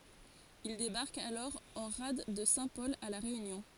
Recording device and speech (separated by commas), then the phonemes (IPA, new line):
forehead accelerometer, read sentence
il debaʁkt alɔʁ ɑ̃ ʁad də sɛ̃tpɔl a la ʁeynjɔ̃